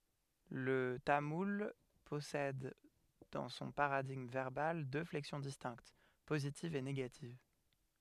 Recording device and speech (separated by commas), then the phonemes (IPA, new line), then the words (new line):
headset microphone, read sentence
lə tamul pɔsɛd dɑ̃ sɔ̃ paʁadiɡm vɛʁbal dø flɛksjɔ̃ distɛ̃kt pozitiv e neɡativ
Le tamoul possède dans son paradigme verbal deux flexions distinctes, positive et négative.